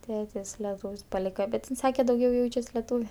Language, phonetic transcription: Lithuanian, ˈtėtis leˈtūv's' paˈlyka bet in ˈsake dauˈgiau ˈjaučias leˈtūve

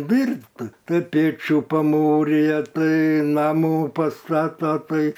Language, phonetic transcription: Lithuanian, ˈdyrbt ˈtai ˈpėčių paˈmūrija ˈtai ˈnamų pasˈtata ˈtai

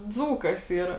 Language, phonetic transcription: Lithuanian, ˈdzūkas ˈyra

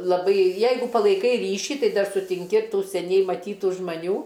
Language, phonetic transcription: Lithuanian, laˈbai ˈjeigu palaiˈkai ˈryšį ˈtai ˈdar sutinˈki ˈtų seˈniai maˈtytų žmaˈnių

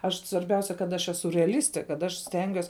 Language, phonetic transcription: Lithuanian, ˈaš svarˈbiausia kad ˈaš ˈesu reaˈlistė kad ˈaš ˈstengiuos

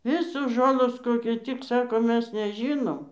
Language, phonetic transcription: Lithuanian, ˈvisos ˈžolos ˈkokiu tik ˈsako ˈmes neˈžynom

